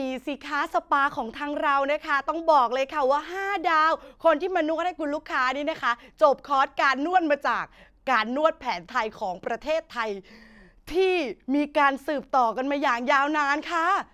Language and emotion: Thai, happy